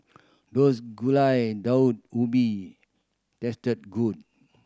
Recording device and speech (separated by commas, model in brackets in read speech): standing microphone (AKG C214), read sentence